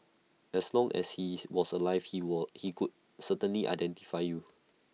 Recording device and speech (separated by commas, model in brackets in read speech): mobile phone (iPhone 6), read sentence